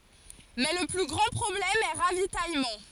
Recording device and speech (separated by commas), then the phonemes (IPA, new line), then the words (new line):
forehead accelerometer, read sentence
mɛ lə ply ɡʁɑ̃ pʁɔblɛm ɛ ʁavitajmɑ̃
Mais le plus grand problème est ravitaillement.